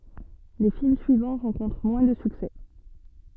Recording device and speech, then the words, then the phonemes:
soft in-ear microphone, read sentence
Les films suivants rencontrent moins de succès.
le film syivɑ̃ ʁɑ̃kɔ̃tʁ mwɛ̃ də syksɛ

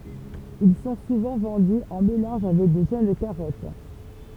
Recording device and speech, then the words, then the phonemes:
temple vibration pickup, read sentence
Ils sont souvent vendus en mélange avec de jeunes carottes.
il sɔ̃ suvɑ̃ vɑ̃dy ɑ̃ melɑ̃ʒ avɛk də ʒøn kaʁɔt

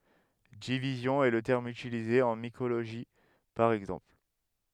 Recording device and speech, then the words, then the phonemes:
headset microphone, read sentence
Division est le terme utilisé en mycologie, par exemple.
divizjɔ̃ ɛ lə tɛʁm ytilize ɑ̃ mikoloʒi paʁ ɛɡzɑ̃pl

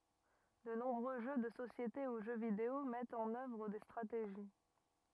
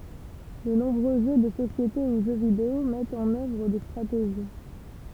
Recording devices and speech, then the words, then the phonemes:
rigid in-ear microphone, temple vibration pickup, read sentence
De nombreux jeux de société ou jeux vidéo mettent en œuvre des stratégies.
də nɔ̃bʁø ʒø də sosjete u ʒø video mɛtt ɑ̃n œvʁ de stʁateʒi

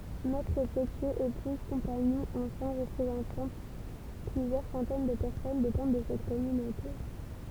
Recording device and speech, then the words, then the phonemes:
temple vibration pickup, read sentence
Maîtres-potiers, épouses, compagnons, enfants représentant plusieurs centaines de personnes dépendent de cette communauté.
mɛtʁ potjez epuz kɔ̃paɲɔ̃z ɑ̃fɑ̃ ʁəpʁezɑ̃tɑ̃ plyzjœʁ sɑ̃tɛn də pɛʁsɔn depɑ̃d də sɛt kɔmynote

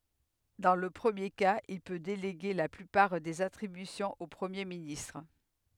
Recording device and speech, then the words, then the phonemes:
headset microphone, read sentence
Dans le premier cas, il peut déléguer la plupart des attributions au Premier ministre.
dɑ̃ lə pʁəmje kaz il pø deleɡe la plypaʁ dez atʁibysjɔ̃z o pʁəmje ministʁ

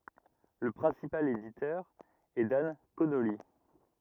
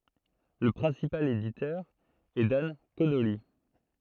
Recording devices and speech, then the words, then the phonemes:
rigid in-ear microphone, throat microphone, read sentence
Le principal éditeur est Dan Connolly.
lə pʁɛ̃sipal editœʁ ɛ dan konoli

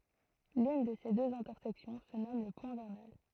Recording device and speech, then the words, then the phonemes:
throat microphone, read sentence
L'une de ces deux intersections se nomme le point vernal.
lyn də se døz ɛ̃tɛʁsɛksjɔ̃ sə nɔm lə pwɛ̃ vɛʁnal

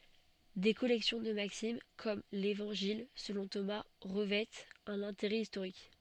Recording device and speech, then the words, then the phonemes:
soft in-ear microphone, read sentence
Des collections de maximes, comme l'Évangile selon Thomas, revêtent un intérêt historique.
de kɔlɛksjɔ̃ də maksim kɔm levɑ̃ʒil səlɔ̃ toma ʁəvɛtt œ̃n ɛ̃teʁɛ istoʁik

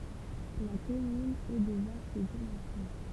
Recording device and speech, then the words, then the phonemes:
temple vibration pickup, read sentence
La commune est de vaste dimension.
la kɔmyn ɛ də vast dimɑ̃sjɔ̃

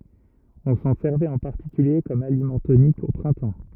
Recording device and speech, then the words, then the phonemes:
rigid in-ear microphone, read sentence
On s'en servait en particulier comme aliment tonique, au printemps.
ɔ̃ sɑ̃ sɛʁvɛt ɑ̃ paʁtikylje kɔm alimɑ̃ tonik o pʁɛ̃tɑ̃

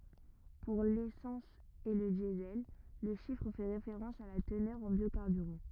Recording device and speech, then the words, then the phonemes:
rigid in-ear microphone, read sentence
Pour l'essence et le Diesel, le chiffre fait référence à la teneur en biocarburant.
puʁ lesɑ̃s e lə djəzɛl lə ʃifʁ fɛ ʁefeʁɑ̃s a la tənœʁ ɑ̃ bjokaʁbyʁɑ̃

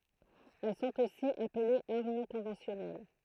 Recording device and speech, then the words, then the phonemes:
throat microphone, read sentence
Elles sont aussi appelées armes non conventionnelles.
ɛl sɔ̃t osi aplez aʁm nɔ̃ kɔ̃vɑ̃sjɔnɛl

